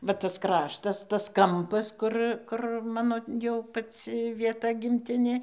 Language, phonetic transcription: Lithuanian, ˈva as ˈkraštas tas ˈkampas ˈkur kur ˈmano jau paˈci vieˈta gimˈtinė

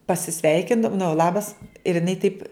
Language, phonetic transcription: Lithuanian, pasiˈsveikinda nu ˈlabas ir iˈnai taip

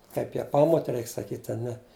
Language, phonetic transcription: Lithuanian, ˈkaip ją ˈpamote ˈreik saˈkyt' a ˈne

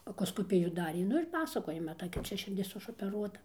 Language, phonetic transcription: Lithuanian, akoskoˈpijų ˈdarė ˈnu ir ˈpasakoja maˈtai kad ˈčia širˈdis išopeˈruota

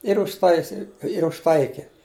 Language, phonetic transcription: Lithuanian, ir užˈtaisi ir užˈtaiki

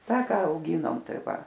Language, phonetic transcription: Lithuanian, ˈtą ˈką auˈgynom ˈtai ˈva

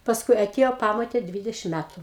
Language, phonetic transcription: Lithuanian, pasˈkui aˈtiejo ˈpamotė ˈdvydešim ˈmætu

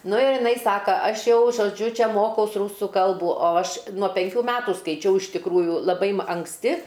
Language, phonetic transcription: Lithuanian, ˈnu ir jiˈnai ˈsaka ˈaš ˈjau žoˈdžiu ˈčia ˈmokaus ˈrūsu ˈkalbų o ˈaš nuo penˈkių ˈmetų skaiˈčiau iš tikˈrųjų laˈbai m anksˈti

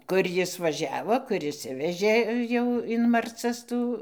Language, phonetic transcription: Lithuanian, ˈkur ˈjis vaˈžiavo ˈkur išˈsivežė ˈjau in marˈcas ˈtų

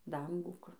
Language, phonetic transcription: Lithuanian, ˈdangų kur

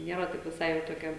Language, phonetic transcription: Lithuanian, ˈniera taip viˈsai jau toˈkia

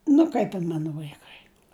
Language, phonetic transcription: Lithuanian, nu ˈkaip in ˈmanu vaiˈkai

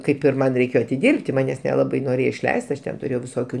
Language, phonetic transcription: Lithuanian, ˈkaip ir ˈman reiˈkėjo atiˈdirbti ˈmanes neˈlabai noˈrėjo išˈleist ˈaš ˈten tuˈrėjau viˈsokių

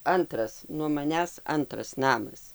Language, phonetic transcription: Lithuanian, ˈantras nuo maˈnęs ˈantras ˈnamas

